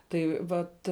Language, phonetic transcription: Lithuanian, ˈtai ˈvat

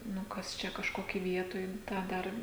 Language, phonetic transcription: Lithuanian, ˈnu ˈkas ˈčia kažˈkokį ˈvietoj ˈtą ˈdar

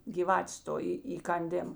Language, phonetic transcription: Lithuanian, gyˈvatės ˈto į įkanˈdėm

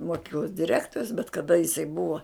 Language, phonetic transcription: Lithuanian, moˈkyklos diˈrektorius bet kaˈda jiˈsai ˈbua

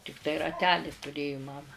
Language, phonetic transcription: Lithuanian, tikˈtai raˈtelį tuˈrėju ˈmama

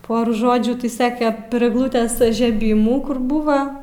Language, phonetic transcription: Lithuanian, ˈpor ˈžodžių ti ˈsake per egˈlutes įžeˈbymų kur ˈbūva

